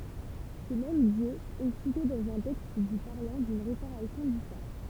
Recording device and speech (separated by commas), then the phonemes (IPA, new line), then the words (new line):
temple vibration pickup, read sentence
sə mɛm djø ɛ site dɑ̃z œ̃ tɛkst dy paʁlɑ̃ dyn ʁepaʁasjɔ̃ dy faʁ
Ce même dieu est cité dans un texte du parlant d'une réparation du phare.